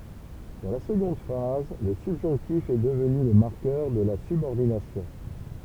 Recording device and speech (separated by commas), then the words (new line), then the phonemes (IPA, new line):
temple vibration pickup, read sentence
Dans la seconde phrase, le subjonctif est devenu le marqueur de la subordination.
dɑ̃ la səɡɔ̃d fʁaz lə sybʒɔ̃ktif ɛ dəvny lə maʁkœʁ də la sybɔʁdinasjɔ̃